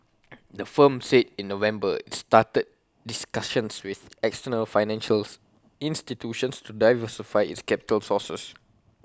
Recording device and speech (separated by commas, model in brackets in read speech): close-talking microphone (WH20), read sentence